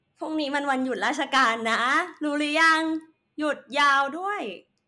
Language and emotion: Thai, happy